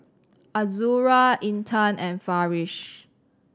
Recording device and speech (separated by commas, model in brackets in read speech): standing microphone (AKG C214), read sentence